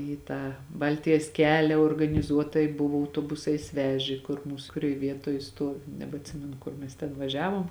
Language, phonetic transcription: Lithuanian, į ˈtą ˈbaltijas ˈkelia organiˈzuotai ˈbuvo autoˈbusais ˈvežė kur ˈmūs kuˈrioj ˈvietoj ˈstuovi nebeatˈsimenu ˈkur mes ten vaˈžiavom

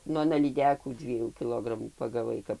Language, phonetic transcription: Lithuanian, ˈnu aˈna lyˈdekų ˈdviejų kiˈlogramų pagaˈvai ˈkap

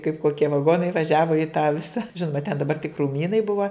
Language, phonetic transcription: Lithuanian, kaip koˈkie vaˈgonai vaˈžiavo i tą ˈvisa ˈžinoma ten daˈbar tik krūˈmynai ˈbuva

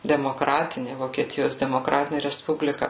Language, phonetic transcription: Lithuanian, demoˈkratini vokieˈtijos demoˈkratinė resˈpublika

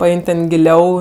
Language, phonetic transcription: Lithuanian, paˈein' ten giˈliau

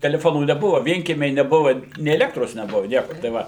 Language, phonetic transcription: Lithuanian, teleˈfonų neˈbuva ˈvienkiemiai neˈbuva nė eˈlektros neˈbuva ˈnieko tai ˈva

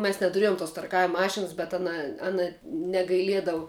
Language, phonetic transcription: Lithuanian, mes netuˈriejum tos tarˈkavim ˈmašinas bet ˈana ˈana negaiˈliedavu

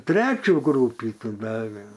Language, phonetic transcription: Lithuanian, ˈtrečių ˈgrūpį ˈtų ˈdave

